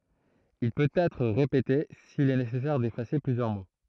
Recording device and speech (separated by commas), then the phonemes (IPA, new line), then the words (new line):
throat microphone, read sentence
il pøt ɛtʁ ʁepete sil ɛ nesɛsɛʁ defase plyzjœʁ mo
Il peut être répété s'il est nécessaire d'effacer plusieurs mots.